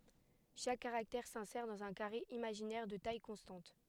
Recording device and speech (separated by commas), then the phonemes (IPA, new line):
headset microphone, read sentence
ʃak kaʁaktɛʁ sɛ̃sɛʁ dɑ̃z œ̃ kaʁe imaʒinɛʁ də taj kɔ̃stɑ̃t